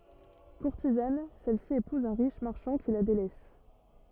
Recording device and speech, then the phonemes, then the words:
rigid in-ear microphone, read sentence
kuʁtizan sɛlsi epuz œ̃ ʁiʃ maʁʃɑ̃ ki la delɛs
Courtisane, celle-ci épouse un riche marchand qui la délaisse.

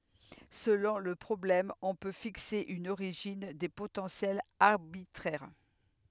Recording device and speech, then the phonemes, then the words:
headset microphone, read sentence
səlɔ̃ lə pʁɔblɛm ɔ̃ pø fikse yn oʁiʒin de potɑ̃sjɛlz aʁbitʁɛʁ
Selon le problème, on peut fixer une origine des potentiels arbitraire.

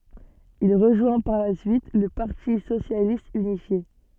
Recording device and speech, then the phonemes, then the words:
soft in-ear microphone, read sentence
il ʁəʒwɛ̃ paʁ la syit lə paʁti sosjalist ynifje
Il rejoint par la suite le Parti socialiste unifié.

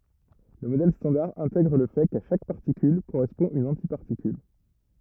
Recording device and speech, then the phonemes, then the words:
rigid in-ear microphone, read sentence
lə modɛl stɑ̃daʁ ɛ̃tɛɡʁ lə fɛ ka ʃak paʁtikyl koʁɛspɔ̃ yn ɑ̃tipaʁtikyl
Le modèle standard intègre le fait qu'à chaque particule correspond une antiparticule.

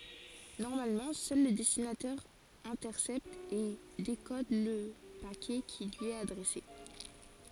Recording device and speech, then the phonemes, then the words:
forehead accelerometer, read sentence
nɔʁmalmɑ̃ sœl lə dɛstinatɛʁ ɛ̃tɛʁsɛpt e dekɔd lə pakɛ ki lyi ɛt adʁɛse
Normalement, seul le destinataire intercepte et décode le paquet qui lui est adressé.

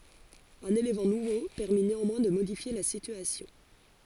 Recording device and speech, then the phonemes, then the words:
forehead accelerometer, read sentence
œ̃n elemɑ̃ nuvo pɛʁmi neɑ̃mwɛ̃ də modifje la sityasjɔ̃
Un élément nouveau permit néanmoins de modifier la situation.

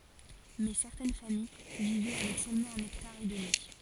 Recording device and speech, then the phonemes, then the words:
forehead accelerometer, read sentence
mɛ sɛʁtɛn famij vivɛ avɛk sølmɑ̃ œ̃n ɛktaʁ e dəmi
Mais certaines familles vivaient avec seulement un hectare et demi.

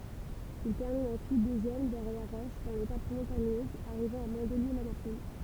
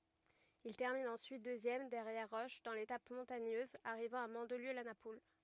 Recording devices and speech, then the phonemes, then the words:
temple vibration pickup, rigid in-ear microphone, read sentence
il tɛʁmin ɑ̃syit døzjɛm dɛʁjɛʁ ʁɔʃ dɑ̃ letap mɔ̃taɲøz aʁivɑ̃ a mɑ̃dliø la napul
Il termine ensuite deuxième derrière Roche dans l'étape montagneuse arrivant à Mandelieu-la-Napoule.

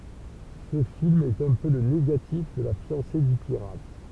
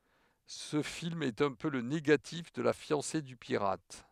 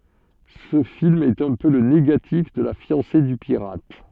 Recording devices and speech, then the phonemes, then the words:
temple vibration pickup, headset microphone, soft in-ear microphone, read sentence
sə film ɛt œ̃ pø lə neɡatif də la fjɑ̃se dy piʁat
Ce film est un peu le négatif de La fiancée du pirate.

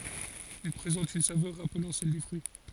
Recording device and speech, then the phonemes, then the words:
forehead accelerometer, read sentence
il pʁezɑ̃t yn savœʁ ʁaplɑ̃ sɛl de fʁyi
Il présente une saveur rappelant celle des fruits.

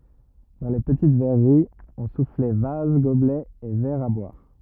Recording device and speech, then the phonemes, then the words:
rigid in-ear microphone, read sentence
dɑ̃ le pətit vɛʁəʁiz ɔ̃ suflɛ vaz ɡoblɛz e vɛʁz a bwaʁ
Dans les petites verreries, on soufflait vases, gobelets et verres à boire.

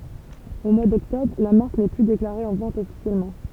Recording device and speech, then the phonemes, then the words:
temple vibration pickup, read sentence
o mwa dɔktɔbʁ la maʁk nɛ ply deklaʁe ɑ̃ vɑ̃t ɔfisjɛlmɑ̃
Au mois d'Octobre, la marque n'est plus déclarée en vente officiellement.

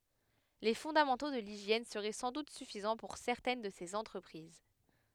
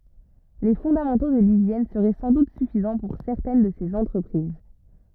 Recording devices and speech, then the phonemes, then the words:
headset microphone, rigid in-ear microphone, read sentence
le fɔ̃damɑ̃to də liʒjɛn səʁɛ sɑ̃ dut syfizɑ̃ puʁ sɛʁtɛn də sez ɑ̃tʁəpʁiz
Les fondamentaux de l'hygiène seraient sans doute suffisants pour certaines de ces entreprises.

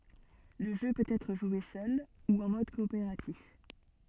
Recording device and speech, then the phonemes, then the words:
soft in-ear microphone, read sentence
lə ʒø pøt ɛtʁ ʒwe sœl u ɑ̃ mɔd kɔopeʁatif
Le jeu peut être joué seul ou en mode coopératif.

